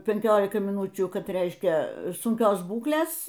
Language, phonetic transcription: Lithuanian, penˈkiolikai miˈnūčių ˈkad ˈreiškia sunˈkios ˈbūklės

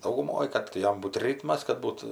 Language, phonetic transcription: Lithuanian, dauguˈmoj ˈkad tai ˈjam ˈbūt ˈrytmas kad ˈbūt

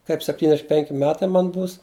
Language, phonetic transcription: Lithuanian, ˈkaip septynˈdešim ˈpenki ˈmetai ˈman ˈbūs

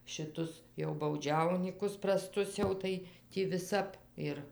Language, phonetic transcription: Lithuanian, šiˈtus jau bauˈdžiaunykus praˈstus ˈjau tai ˈtį viˈsap ir

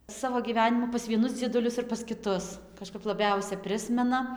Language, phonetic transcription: Lithuanian, ˈsavo gyˈvenimų pas vieˈnus dzieduˈlius ir pas kiˈtus kažˈkap laˈbiausia ˈprismena

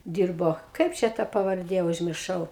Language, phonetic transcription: Lithuanian, ˈdyrbo ˈkaip čia ta pavarˈdė užmirˈšau

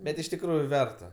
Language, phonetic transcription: Lithuanian, ˈbet iš tikˈrųju ˈverta

